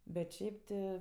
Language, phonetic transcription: Lithuanian, bet ˈšiaip ti

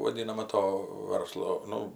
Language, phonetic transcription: Lithuanian, vaˈdynama ˈto ˈvarslo ˈnu

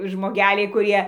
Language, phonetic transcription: Lithuanian, žmoˈgeliai kuˈrie

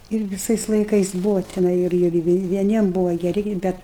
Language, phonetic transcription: Lithuanian, ir viˈsais laiˈkais ˈbuva tiˈnai ir ir ir vieˈniem ˈbuva geˈri ˈbet

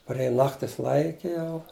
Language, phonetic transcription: Lithuanian, parˈėja ˈnaktis ˈlaike ˈjau

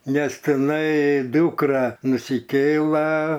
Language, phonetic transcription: Lithuanian, ˈnes tiˈnai ˈdūkra nusiˈkėla

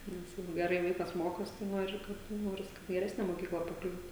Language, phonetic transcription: Lithuanian, ˈnes ˈjeigu geˈrai ˈvaikas ˈmokosi tai ˈnori kad ˈnoris kad geˈresne moˈkykla paˈkliūt

